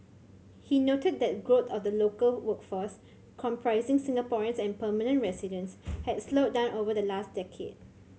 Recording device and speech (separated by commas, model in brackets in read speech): mobile phone (Samsung C7100), read sentence